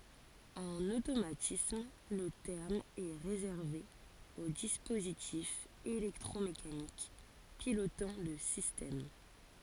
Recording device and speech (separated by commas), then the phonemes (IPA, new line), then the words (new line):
forehead accelerometer, read sentence
ɑ̃n otomatism lə tɛʁm ɛ ʁezɛʁve o dispozitifz elɛktʁomekanik pilotɑ̃ lə sistɛm
En automatisme le terme est réservé aux dispositifs électromécaniques pilotant le système.